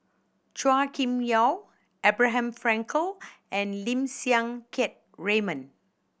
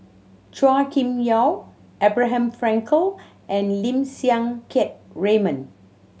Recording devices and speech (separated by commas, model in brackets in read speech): boundary microphone (BM630), mobile phone (Samsung C7100), read sentence